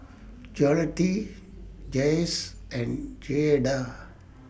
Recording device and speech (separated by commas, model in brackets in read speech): boundary microphone (BM630), read sentence